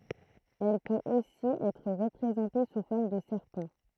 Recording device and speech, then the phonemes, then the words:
throat microphone, read sentence
ɛl pøt osi ɛtʁ ʁəpʁezɑ̃te su fɔʁm də sɛʁpɑ̃
Elle peut aussi être représentée sous forme de serpent.

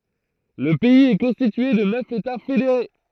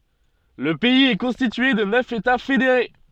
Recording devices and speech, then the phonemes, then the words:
throat microphone, soft in-ear microphone, read sentence
lə pɛiz ɛ kɔ̃stitye də nœf eta fedeʁe
Le pays est constitué de neuf États fédérés.

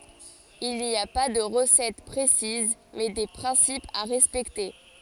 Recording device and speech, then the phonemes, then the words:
forehead accelerometer, read sentence
il ni a pa də ʁəsɛt pʁesiz mɛ de pʁɛ̃sipz a ʁɛspɛkte
Il n'y a pas de recette précise mais des principes à respecter.

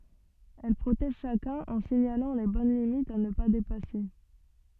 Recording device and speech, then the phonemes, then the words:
soft in-ear microphone, read sentence
ɛl pʁotɛʒ ʃakœ̃n ɑ̃ siɲalɑ̃ le bɔn limitz a nə pa depase
Elle protège chacun en signalant les bonnes limites à ne pas dépasser.

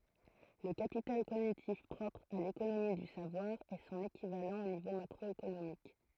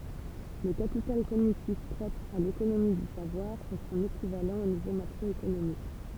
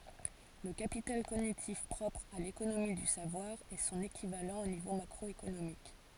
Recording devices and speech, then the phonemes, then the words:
throat microphone, temple vibration pickup, forehead accelerometer, read sentence
lə kapital koɲitif pʁɔpʁ a lekonomi dy savwaʁ ɛ sɔ̃n ekivalɑ̃ o nivo makʁɔekonomik
Le capital cognitif propre à l'économie du savoir est son équivalent au niveau macroéconomique.

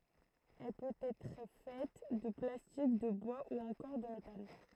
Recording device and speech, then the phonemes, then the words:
throat microphone, read sentence
ɛl pøt ɛtʁ fɛt də plastik də bwa u ɑ̃kɔʁ də metal
Elle peut être faite de plastique, de bois ou encore de métal.

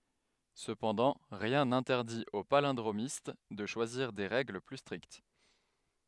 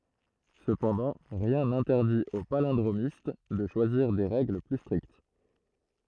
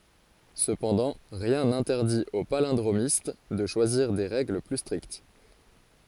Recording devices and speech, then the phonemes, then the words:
headset microphone, throat microphone, forehead accelerometer, read sentence
səpɑ̃dɑ̃ ʁjɛ̃ nɛ̃tɛʁdit o palɛ̃dʁomist də ʃwaziʁ de ʁɛɡl ply stʁikt
Cependant, rien n'interdit au palindromiste de choisir des règles plus strictes.

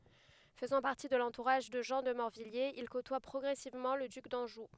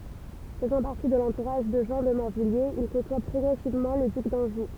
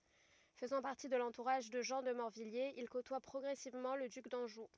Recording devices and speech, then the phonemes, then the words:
headset microphone, temple vibration pickup, rigid in-ear microphone, read sentence
fəzɑ̃ paʁti də lɑ̃tuʁaʒ də ʒɑ̃ də mɔʁvijjez il kotwa pʁɔɡʁɛsivmɑ̃ lə dyk dɑ̃ʒu
Faisant partie de l'entourage de Jean de Morvilliers, il côtoie progressivement le duc d'Anjou.

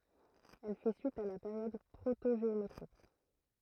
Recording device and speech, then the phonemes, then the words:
throat microphone, read sentence
ɛl fɛ syit a la peʁjɔd pʁotoʒeometʁik
Elle fait suite à la période protogéométrique.

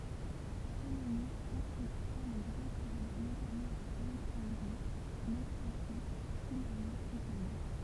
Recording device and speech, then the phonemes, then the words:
temple vibration pickup, read sentence
ptoleme ɑ̃tʁəpʁɑ̃ də ɡʁɑ̃ tʁavo notamɑ̃ a alɛksɑ̃dʁi nokʁati fila e tani
Ptolémée entreprend de grand travaux notamment à Alexandrie, Naucratis, Philæ et Tanis.

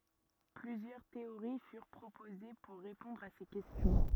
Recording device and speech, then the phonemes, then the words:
rigid in-ear microphone, read sentence
plyzjœʁ teoʁi fyʁ pʁopoze puʁ ʁepɔ̃dʁ a se kɛstjɔ̃
Plusieurs théories furent proposées pour répondre à ces questions.

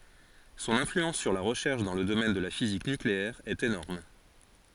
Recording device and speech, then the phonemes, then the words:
forehead accelerometer, read sentence
sɔ̃n ɛ̃flyɑ̃s syʁ la ʁəʃɛʁʃ dɑ̃ lə domɛn də la fizik nykleɛʁ ɛt enɔʁm
Son influence sur la recherche dans le domaine de la physique nucléaire est énorme.

